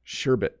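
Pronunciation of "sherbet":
'Sherbet' is pronounced correctly here, with no extra r sound added before the t.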